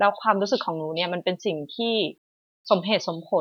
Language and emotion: Thai, neutral